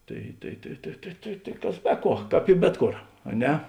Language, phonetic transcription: Lithuanian, ˈtai tai tai tai tai tai tai ˈkas ˈbe ˌkuo ˈkāp i ˈbet ˌkor a ˈne

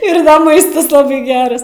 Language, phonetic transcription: Lithuanian, ˈir ˈmaistas ˈlabai ˈgeras

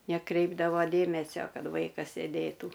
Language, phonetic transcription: Lithuanian, neˈkreipdavo ˈdėmesio ˈkad ˈvaikas sėˈdėtų

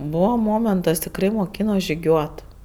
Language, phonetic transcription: Lithuanian, ˈbūvo ˈmomentas tikˈrai moˈkyno žiˈgiuot

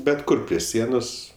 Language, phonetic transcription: Lithuanian, bet ˈkur prie ˈsienos

